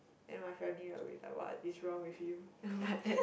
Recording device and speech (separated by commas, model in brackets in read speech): boundary microphone, conversation in the same room